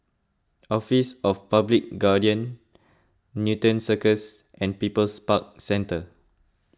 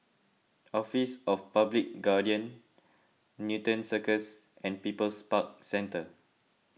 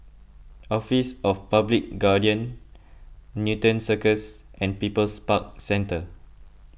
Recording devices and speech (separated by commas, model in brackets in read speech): close-talking microphone (WH20), mobile phone (iPhone 6), boundary microphone (BM630), read sentence